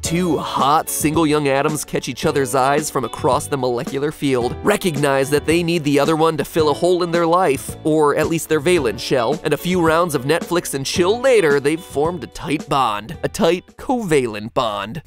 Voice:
sultry voice